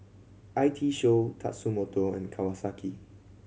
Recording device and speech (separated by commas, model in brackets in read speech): mobile phone (Samsung C7100), read sentence